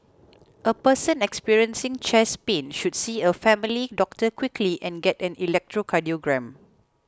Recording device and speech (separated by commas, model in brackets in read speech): close-talking microphone (WH20), read sentence